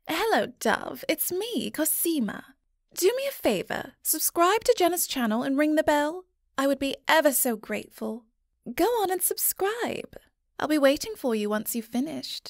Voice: Sensual Female Voice